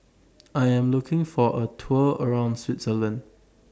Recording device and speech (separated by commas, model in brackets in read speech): standing microphone (AKG C214), read sentence